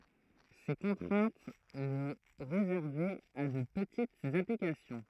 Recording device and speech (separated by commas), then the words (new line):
throat microphone, read sentence
Ces contraintes le réservaient à de petites applications.